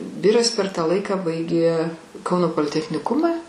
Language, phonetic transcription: Lithuanian, ˈviras per ˈtą ˈlaiką ˈbaigė ˈkauno politechniˈkuma

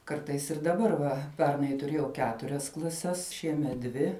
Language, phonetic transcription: Lithuanian, ˈkartais ir daˈbar ˈva ˈpernai tuˈrėjau ˈketurias klaˈses ˈšiemet ˈdvi

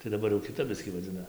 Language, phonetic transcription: Lithuanian, tai daˈbar jau kiˈtap ˈbiskį vaˈdzina

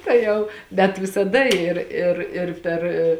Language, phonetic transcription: Lithuanian, tai ˈjau bet visaˈda ˈir ir ir per

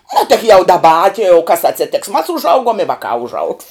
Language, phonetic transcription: Lithuanian, nu tik jau ˈdaba a ti jau kas atsėˈtėks mas užˈauguom i ˈvakā užˈaugs

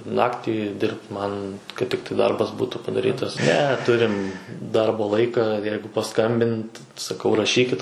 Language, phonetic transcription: Lithuanian, ˈnaktį ˈdirbt ˈman kad ˈtiktai ˈdarbas ˈbūtų padaˈrytas ne ˈturim ˈdarbo ˈlaika ˈjeigu paˈskambint saˈkau raˈšykit

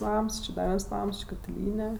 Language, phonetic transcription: Lithuanian, ˈnams či ˈda ˈviens ˈnams ˈči katiˈlyne

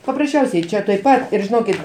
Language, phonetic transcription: Lithuanian, paprasˈčiausiai čia tuoj ˈpat ˈir žiˈnokit

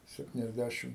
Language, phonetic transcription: Lithuanian, septiniasˈdæšim

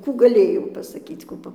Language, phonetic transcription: Lithuanian, ˈkų gaˈlėjau pasaˈkyc ˈkų ˈpa

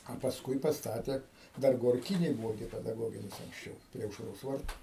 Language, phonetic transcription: Lithuanian, a pasˈkui pasˈtatė ˈdar gorˈkynėj ˈbuvo gi pedaˈgoginis anksˈčiau prie aušˈros ˈvartu

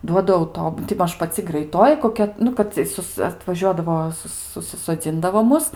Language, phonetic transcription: Lithuanian, ˈduoda auˈtob ti ˈmaž paˈci graiˈtoji koˈkia ˈnu kad cie ˈsus atvaˈžiuodavo ˈsus susisoˈdzindavo ˈmus

